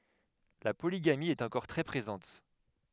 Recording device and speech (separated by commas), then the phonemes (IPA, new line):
headset microphone, read sentence
la poliɡami ɛt ɑ̃kɔʁ tʁɛ pʁezɑ̃t